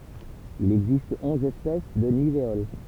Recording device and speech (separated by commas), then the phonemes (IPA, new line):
temple vibration pickup, read sentence
il ɛɡzist ɔ̃z ɛspɛs də niveol